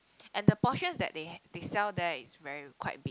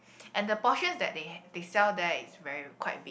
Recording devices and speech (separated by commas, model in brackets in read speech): close-talking microphone, boundary microphone, conversation in the same room